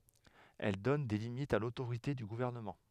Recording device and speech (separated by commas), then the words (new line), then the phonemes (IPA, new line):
headset microphone, read sentence
Elle donne des limites à l'autorité du gouvernement.
ɛl dɔn de limitz a lotoʁite dy ɡuvɛʁnəmɑ̃